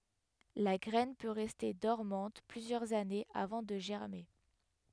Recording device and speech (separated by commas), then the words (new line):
headset microphone, read sentence
La graine peut rester dormante plusieurs années avant de germer.